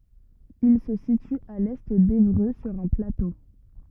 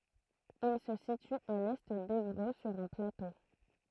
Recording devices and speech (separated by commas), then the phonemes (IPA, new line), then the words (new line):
rigid in-ear microphone, throat microphone, read sentence
il sə sity a lɛ devʁø syʁ œ̃ plato
Il se situe à l'est d'Évreux sur un plateau.